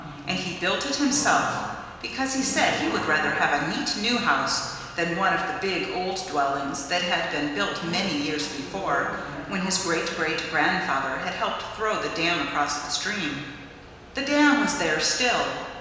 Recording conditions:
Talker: one person; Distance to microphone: 1.7 m; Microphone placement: close; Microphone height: 1.0 m; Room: very reverberant, large; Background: television

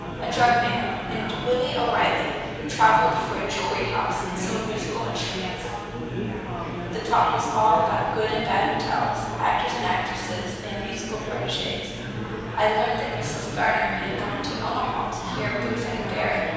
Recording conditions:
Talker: one person; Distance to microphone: 7.1 m; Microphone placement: far; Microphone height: 1.7 m; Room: very reverberant, large; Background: babble

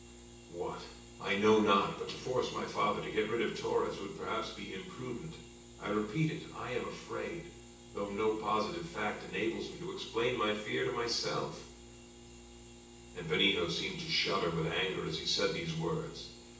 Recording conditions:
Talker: one person; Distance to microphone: 9.8 m; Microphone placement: far; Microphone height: 1.8 m; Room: large; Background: none

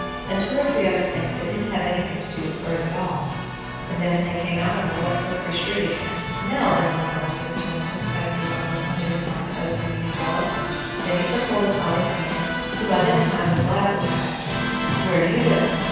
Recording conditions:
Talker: one person; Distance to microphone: 7.1 m; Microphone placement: far; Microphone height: 1.7 m; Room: very reverberant, large; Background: music

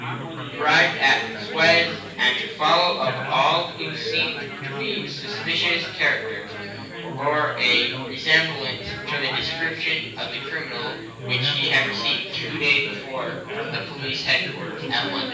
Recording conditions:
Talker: one person; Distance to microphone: 9.8 m; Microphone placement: far; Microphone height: 1.8 m; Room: large; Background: babble

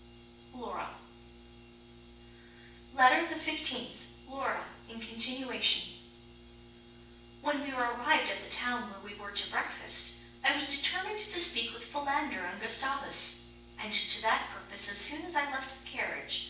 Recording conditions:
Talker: one person; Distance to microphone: 9.8 m; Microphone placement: far; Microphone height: 1.8 m; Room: large; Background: none

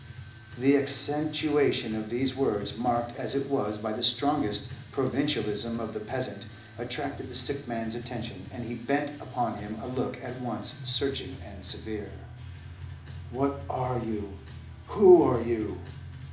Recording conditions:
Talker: one person; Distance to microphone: 2.0 m; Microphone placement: close; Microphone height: 99 cm; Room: medium-sized (5.7 m by 4.0 m); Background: music

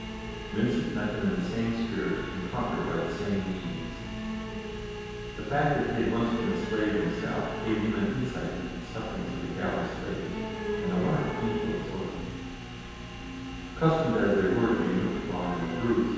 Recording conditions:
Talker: one person; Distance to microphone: 7.1 m; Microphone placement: far; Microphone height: 1.7 m; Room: very reverberant, large; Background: television

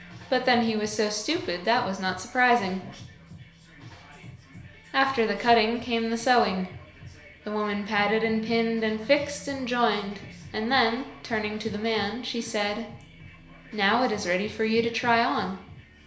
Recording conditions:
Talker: one person; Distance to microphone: 1.0 m; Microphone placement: close; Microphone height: 1.1 m; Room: small (3.7 m by 2.7 m); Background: music

